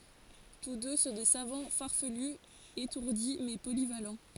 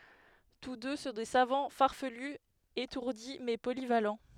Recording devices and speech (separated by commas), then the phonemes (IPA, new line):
forehead accelerometer, headset microphone, read sentence
tus dø sɔ̃ de savɑ̃ faʁfəly etuʁdi mɛ polival